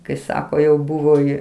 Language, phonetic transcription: Lithuanian, kai ˈsako jau ˈbuvo ji

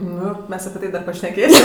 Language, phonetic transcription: Lithuanian, ˈnu ˈmes api ˈtai ˈdar pašneˈkėsim

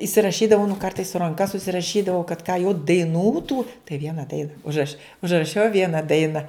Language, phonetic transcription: Lithuanian, isiraˈšydavau nu ˈkartais su ranˈka susiraˈšydavau kad ką jau daiˈnų tų tai ˈviena ˈdaina užˈraš' užraˈšiau ˈviena ˈdaina

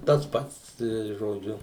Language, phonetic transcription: Lithuanian, tas ˈpats tai žoˈdžiu

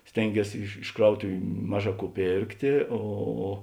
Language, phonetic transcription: Lithuanian, ˈstėnˌgies iš iš ˈkrautuviu ˈmaˌžā ˈkų ˈpėrktė ˈo

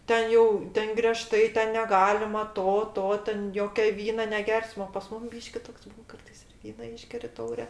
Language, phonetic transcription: Lithuanian, ˈten jau ˈten greˈžtai ˈten neˈgalima ˈto ˈto ˈten ˈjokia ˈvyna neˈgersma o pas ˈmum ˈbyški ˈtoks ˈbūn ˈkartais ir ˈvyna ˈyšgeri ˈtaure

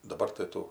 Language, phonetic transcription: Lithuanian, daˈbar tai ˈtų

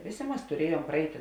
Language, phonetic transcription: Lithuanian, ˈvėˌsė ˈmas tuˈriejuom praˈeiti

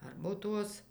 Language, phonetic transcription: Lithuanian, ˈarbotuos

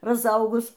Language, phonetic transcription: Lithuanian, razˈaugus

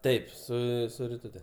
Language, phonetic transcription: Lithuanian, ˈtaip ˈsu su riˈtute

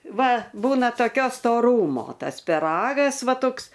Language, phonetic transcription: Lithuanian, ˈva ˈbūna toˈkio stoˈrūmo ˈtas piˈragas ˈva ˈtoks

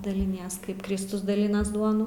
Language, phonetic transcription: Lithuanian, daliˈnies ˈkaip ˈkristus daˈlinas ˈduonu

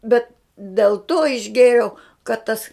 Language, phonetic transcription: Lithuanian, ˈbet dėl to išˈgėriau kad ˈtas

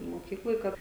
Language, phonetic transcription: Lithuanian, moˈkykloj ˈkad

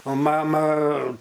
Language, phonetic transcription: Lithuanian, o ˈmama

